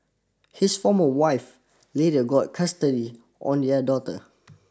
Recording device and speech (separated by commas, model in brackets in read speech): standing microphone (AKG C214), read sentence